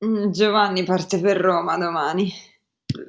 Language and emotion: Italian, disgusted